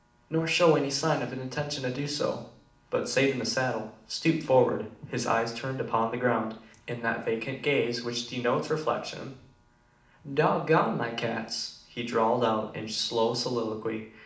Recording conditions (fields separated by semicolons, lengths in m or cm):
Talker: one person; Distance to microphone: 2.0 m; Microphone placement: close; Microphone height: 99 cm; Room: medium-sized (5.7 m by 4.0 m); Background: none